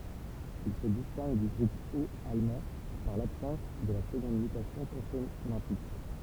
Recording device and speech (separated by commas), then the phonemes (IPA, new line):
temple vibration pickup, read sentence
il sə distɛ̃ɡ dy ɡʁup ot almɑ̃ paʁ labsɑ̃s də la səɡɔ̃d mytasjɔ̃ kɔ̃sonɑ̃tik